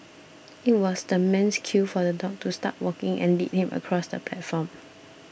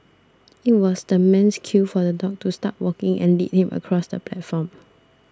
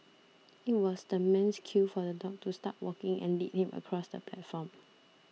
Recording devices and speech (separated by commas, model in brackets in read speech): boundary microphone (BM630), standing microphone (AKG C214), mobile phone (iPhone 6), read sentence